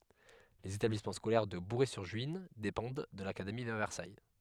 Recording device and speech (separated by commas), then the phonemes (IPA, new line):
headset microphone, read sentence
lez etablismɑ̃ skolɛʁ də buʁɛzyʁʒyin depɑ̃d də lakademi də vɛʁsaj